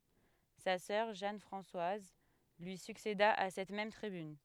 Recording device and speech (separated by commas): headset microphone, read sentence